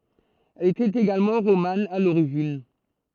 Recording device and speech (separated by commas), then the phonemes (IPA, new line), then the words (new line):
throat microphone, read sentence
ɛl etɛt eɡalmɑ̃ ʁoman a loʁiʒin
Elle était également romane à l'origine.